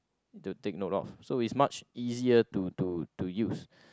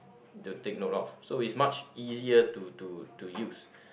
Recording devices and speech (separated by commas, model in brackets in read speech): close-talking microphone, boundary microphone, conversation in the same room